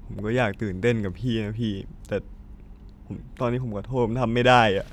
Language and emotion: Thai, sad